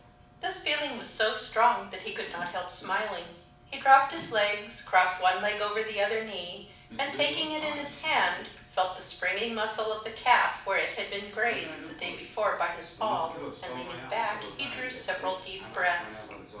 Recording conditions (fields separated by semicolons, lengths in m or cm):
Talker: one person; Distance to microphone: 5.8 m; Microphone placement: far; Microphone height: 1.8 m; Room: medium-sized (5.7 m by 4.0 m); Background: television